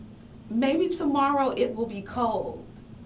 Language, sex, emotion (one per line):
English
female
neutral